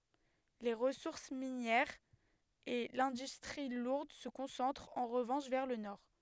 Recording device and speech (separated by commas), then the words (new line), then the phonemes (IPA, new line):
headset microphone, read sentence
Les ressources minières et l'industrie lourde se concentrent en revanche vers le Nord.
le ʁəsuʁs minjɛʁz e lɛ̃dystʁi luʁd sə kɔ̃sɑ̃tʁt ɑ̃ ʁəvɑ̃ʃ vɛʁ lə nɔʁ